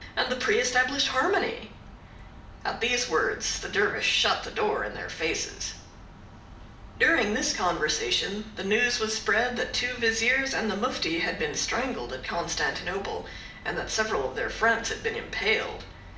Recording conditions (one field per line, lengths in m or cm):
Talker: one person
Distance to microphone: 2.0 m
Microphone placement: close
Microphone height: 99 cm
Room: medium-sized (5.7 m by 4.0 m)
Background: none